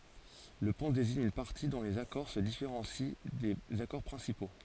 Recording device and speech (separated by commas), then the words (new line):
forehead accelerometer, read sentence
Le pont désigne une partie dont les accords se différencient des accords principaux.